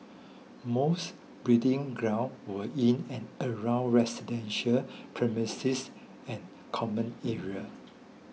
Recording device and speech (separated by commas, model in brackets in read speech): mobile phone (iPhone 6), read sentence